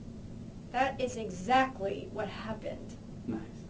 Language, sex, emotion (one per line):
English
female
disgusted